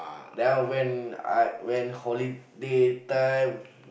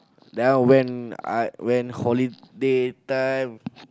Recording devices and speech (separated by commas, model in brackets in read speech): boundary microphone, close-talking microphone, conversation in the same room